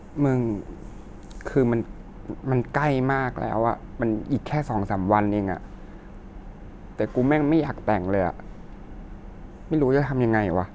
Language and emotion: Thai, sad